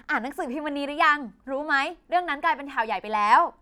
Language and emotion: Thai, happy